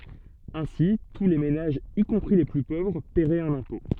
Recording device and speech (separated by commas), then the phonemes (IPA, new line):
soft in-ear microphone, read sentence
ɛ̃si tu le menaʒz i kɔ̃pʁi le ply povʁ pɛʁɛt œ̃n ɛ̃pɔ̃